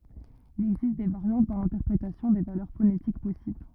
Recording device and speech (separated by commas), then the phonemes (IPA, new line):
rigid in-ear microphone, read sentence
il ɛɡzist de vaʁjɑ̃t dɑ̃ lɛ̃tɛʁpʁetasjɔ̃ de valœʁ fonetik pɔsibl